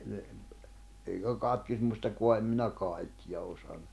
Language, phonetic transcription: Finnish, le- , eikä 'katkismustako̭a em minä 'kàikkiʲa osan(u) .
- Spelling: - eikä katkismustakaan en minä kaikkea osannut

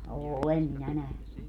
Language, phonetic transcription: Finnish, 'òlem minä 'nähny .
- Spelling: olen minä nähnyt

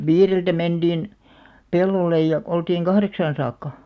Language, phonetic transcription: Finnish, viireltä 'menᴅìn , pel̆§lollej ja , oltiiŋ "kahreksaan 'saakka .
- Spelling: viideltä menin pellolle ja oltiin kahdeksaan saakka

